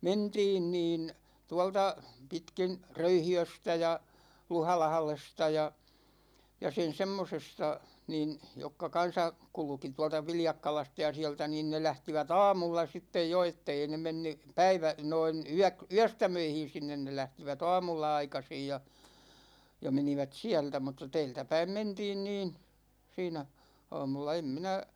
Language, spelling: Finnish, mentiin niin tuolta pitkin Röyhiöstä ja Luhalahdesta ja ja sen semmoisesta niin jotka kanssa kulki tuolta Viljakkalasta ja sieltä niin ne lähtivät aamulla sitten jo että ei ne mennyt - noin - yöstämöihin sinne ne lähtivät aamulla aikaisin ja ja menivät sieltä mutta täältäpäin mentiin niin siinä aamulla en minä
- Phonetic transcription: mentiin 'niin , 'tualta , 'pitkin , "Röyhi₍östä ja , "Luhalahlesta ja , ja 'sen "semmosesta , 'niin , 'jokka kan̬sa , 'kulᵘki 'tua̭lta 'Viljakkalasta ja 'siä̭ltä niin ne 'lähtivät "a̭a̭mulla 'sittej jo 'ettei ne 'menny , 'päivä- , 'noin 'yäk- , "yästämöihin̬ 'sinnen ne 'lähtivät "a̭a̭mulla 'aikasij ja , ja 'menivät "siältä mutta 'tɛɛltäpäim 'mentiin niin , 'siinä , 'a̭a̭mulla em minä ,.

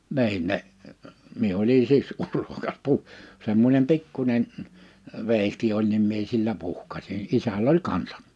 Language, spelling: Finnish, niin ne minä olin siksi urhokas - semmoinen pikkuinen veitsi oli niin minä sillä isällä oli kanssa
- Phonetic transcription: 'ni̬in ne , 'mie oli 'siks "urhokas puh- , 'semmońem 'pikkuńen , vèihti oĺ nim mie sillä isäl ‿oĺ 'kansa .

